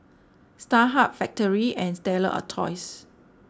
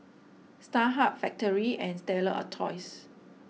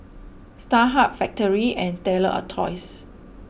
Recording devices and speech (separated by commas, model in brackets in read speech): standing microphone (AKG C214), mobile phone (iPhone 6), boundary microphone (BM630), read sentence